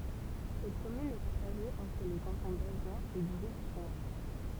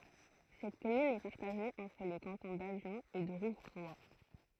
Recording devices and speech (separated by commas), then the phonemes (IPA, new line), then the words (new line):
temple vibration pickup, throat microphone, read sentence
sɛt kɔmyn ɛ paʁtaʒe ɑ̃tʁ le kɑ̃tɔ̃ davjɔ̃ e də ʁuvʁwa
Cette commune est partagée entre les cantons d'Avion et de Rouvroy.